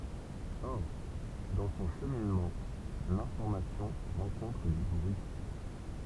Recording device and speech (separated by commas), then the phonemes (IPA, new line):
temple vibration pickup, read sentence
ɔʁ dɑ̃ sɔ̃ ʃəminmɑ̃ lɛ̃fɔʁmasjɔ̃ ʁɑ̃kɔ̃tʁ dy bʁyi